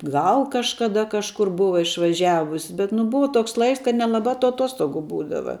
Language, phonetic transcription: Lithuanian, ˈgal kažkaˈda kažˈkur ˈbuva išvaˈžiavus bet nu ˈbuva ˈtoks ˈlaiks kad nelaˈbā tu aˈtostogu ˈbūdava

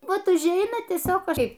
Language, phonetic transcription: Lithuanian, ˈvat užˈeina tieˈsiog ˈkaip

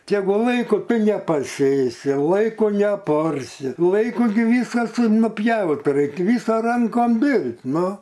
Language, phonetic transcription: Lithuanian, tegu ˈlaiku ˈtu nepaˈsėsi ˈlaiku neaˈparsi ˈlaiku gi ˈvysas nuˈpjaut ˈraik' ˈvysa ˈrankom ˈbirl't' ˈnu

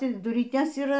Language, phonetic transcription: Lithuanian, ˈti duryˈtės yˈra

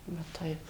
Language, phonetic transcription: Lithuanian, va ˈtaip

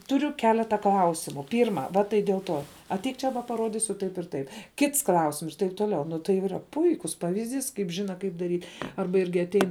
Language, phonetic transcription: Lithuanian, tuˈriu ˈkeleta ˈklausimu ˈpyrma ˈva tai dėl ˈto atˈeik ˈčia va paˈrodisiu ˈtaip ir ˈtaip ˈkits ˈklausims ir taip toˈliau ˈnu tai yˈra ˈpuikus ˈpavizˌdys kaip ˈžina ˈkaip daˈry ˈarba ˈirgi atˈein

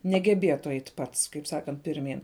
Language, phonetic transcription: Lithuanian, negeˈbėtu ˈeit ˈpats kaip ˈsakant pirˈmyn

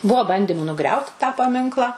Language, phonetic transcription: Lithuanian, ˈbuo ˈbandimu nuˈgriaut tą paˈminkla

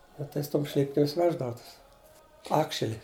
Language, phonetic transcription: Lithuanian, ˈnu tai su ˈtom ˈšlipkims ˈveždavu ˈtus ˈakšeli

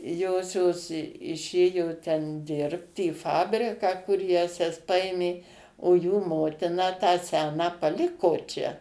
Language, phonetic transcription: Lithuanian, ˈjosios iˈšėjo ten ˈdirbt į ˈfabriką kur ˈjąsias ˈpaėmė o jų ˈmotina tą ˈseną paˈliko čia

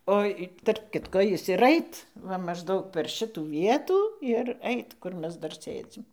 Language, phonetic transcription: Lithuanian, ˈo i tarp ˈkitko ˈjis ir ˈait ˈva mažˈdaug per ˈšitų ˈvietų ir ˈeit ˈkur ˈmes ˈdar ˈsėdzim

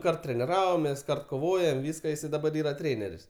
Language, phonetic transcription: Lithuanian, ˈkart treniˈravomės koˈvojom ˈvyska ˈjisai daˈbar ˈyra ˈtrėneris

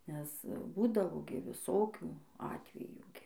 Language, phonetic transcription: Lithuanian, nes ˈbūdavo gi viˈsokių ˈatvejų gi

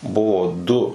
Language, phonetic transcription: Lithuanian, ˈbuvo ˈdu

